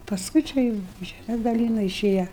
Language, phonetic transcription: Lithuanian, pasˈkui čia ˈjūu žeˈmes daˈlynu iˈšėja

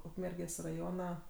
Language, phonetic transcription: Lithuanian, ˈukmergės' raˈjona

